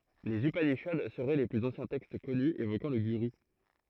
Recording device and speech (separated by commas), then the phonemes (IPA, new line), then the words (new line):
throat microphone, read sentence
lez ypaniʃad səʁɛ le plyz ɑ̃sjɛ̃ tɛkst kɔny evokɑ̃ lə ɡyʁy
Les upanishads seraient les plus anciens textes connus évoquant le guru.